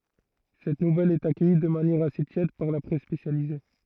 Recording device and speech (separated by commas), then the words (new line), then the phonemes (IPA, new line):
throat microphone, read sentence
Cette nouvelle est accueillie de manière assez tiède par la presse spécialisée.
sɛt nuvɛl ɛt akœji də manjɛʁ ase tjɛd paʁ la pʁɛs spesjalize